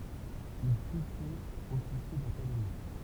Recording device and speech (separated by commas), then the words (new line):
temple vibration pickup, read sentence
Il fut fait officier d'académie.